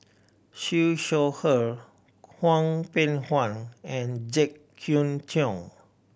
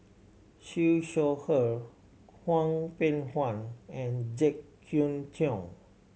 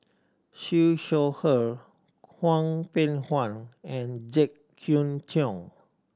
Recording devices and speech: boundary microphone (BM630), mobile phone (Samsung C7100), standing microphone (AKG C214), read sentence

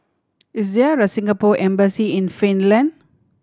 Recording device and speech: standing microphone (AKG C214), read sentence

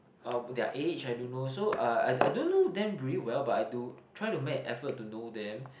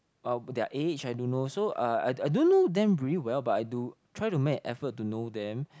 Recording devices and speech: boundary microphone, close-talking microphone, conversation in the same room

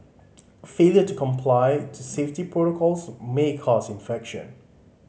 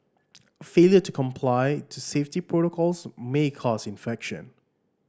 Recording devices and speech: mobile phone (Samsung C5010), standing microphone (AKG C214), read sentence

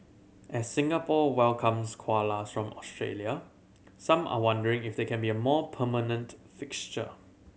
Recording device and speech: mobile phone (Samsung C7100), read sentence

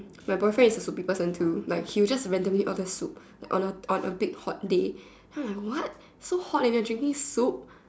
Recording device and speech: standing microphone, conversation in separate rooms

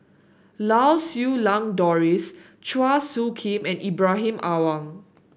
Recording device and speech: boundary microphone (BM630), read sentence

